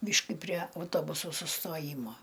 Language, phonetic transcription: Lithuanian, ˈbyški prie auˈtobusu sustoˈjymo

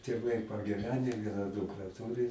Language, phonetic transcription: Lithuanian, tėˈvai pagiˈvene ˈviena ˈdukra ˈturi

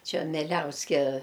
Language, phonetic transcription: Lithuanian, ˈčia meˈliauske

